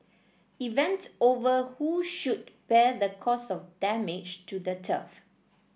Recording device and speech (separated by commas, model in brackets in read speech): boundary microphone (BM630), read sentence